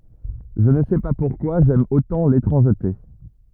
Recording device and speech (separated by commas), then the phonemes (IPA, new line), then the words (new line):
rigid in-ear microphone, read sentence
ʒə nə sɛ pa puʁkwa ʒɛm otɑ̃ letʁɑ̃ʒte
Je ne sais pas pourquoi j'aime autant l'étrangeté.